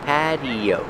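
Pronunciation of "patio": In 'patio', the t is pronounced with a fast d sound.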